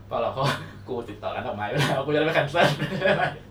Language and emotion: Thai, happy